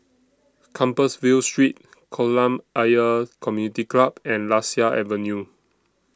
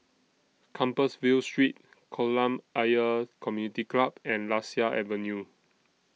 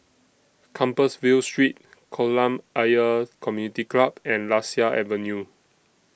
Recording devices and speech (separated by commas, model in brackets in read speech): standing microphone (AKG C214), mobile phone (iPhone 6), boundary microphone (BM630), read sentence